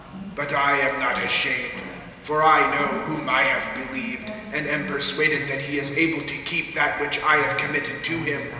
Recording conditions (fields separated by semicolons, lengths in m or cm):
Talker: one person; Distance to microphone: 1.7 m; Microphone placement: close; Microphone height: 1.0 m; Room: very reverberant, large; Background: television